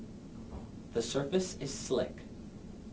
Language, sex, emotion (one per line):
English
male
neutral